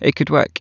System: none